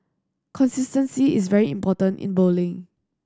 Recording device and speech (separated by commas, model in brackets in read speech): standing microphone (AKG C214), read sentence